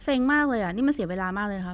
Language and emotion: Thai, frustrated